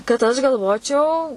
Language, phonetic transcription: Lithuanian, kad aš galˈvočiau

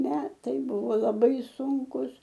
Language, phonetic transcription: Lithuanian, ˈmetai ˈbuvo laˈbai ˈsunkus

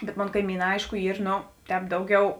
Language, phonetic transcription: Lithuanian, bet ˈmon kaiˈmyˌnā ˈaišku ˈyr ˈno ˈtēp ˈdauˌgiau

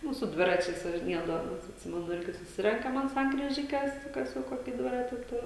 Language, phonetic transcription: Lithuanian, ˈnu su ˈdviračiais važiˈniedavomės atˈsimenu ˈirgi suˈsirenkam ant sankryˈžikes ˈkas jau ˈkoki ˈdvirati ˈtur

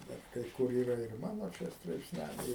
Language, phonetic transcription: Lithuanian, ˈbet kai ˈkur ˈyra ir ˈmano ˈčia straipsˈnæliai

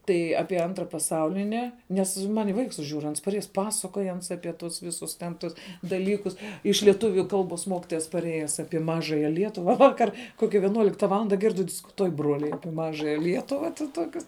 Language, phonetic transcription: Lithuanian, ˈtai ˈapie ˈantra paˈsaulini nˈes ˈman' i ˈvaiks ˈžiūru ˈans ˈpasakoj ˈans ˈapi ˈtus ˈvisus ten ˈtus daˈlykus iš lieˈtuviu ˈkalbos ˈmokitojas paˈrėjes ˈapie ˈmažaja ˈlietuva ˈvakar ˈkokia vieˈnuolikta ˈvalanda ˈgirdi diskuˈtuoj ˈbruoliai ˈapie ˈmažaja ˈlietuva ˈtokius

